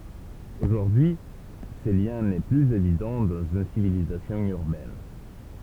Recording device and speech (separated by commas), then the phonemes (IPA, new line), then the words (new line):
temple vibration pickup, read sentence
oʒuʁdyi y sə ljɛ̃ nɛ plyz evidɑ̃ dɑ̃z yn sivilizasjɔ̃ yʁbɛn
Aujourd'hui ce lien n'est plus évident dans une civilisation urbaine.